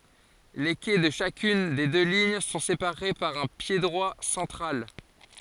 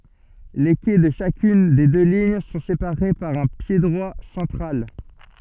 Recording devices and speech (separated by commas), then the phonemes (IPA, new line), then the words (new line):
forehead accelerometer, soft in-ear microphone, read sentence
le kɛ də ʃakyn de dø liɲ sɔ̃ sepaʁe paʁ œ̃ pjedʁwa sɑ̃tʁal
Les quais de chacune des deux lignes sont séparés par un piédroit central.